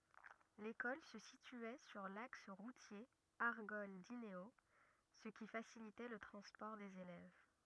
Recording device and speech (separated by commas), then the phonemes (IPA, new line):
rigid in-ear microphone, read sentence
lekɔl sə sityɛ syʁ laks ʁutje aʁɡɔl dineo sə ki fasilitɛ lə tʁɑ̃spɔʁ dez elɛv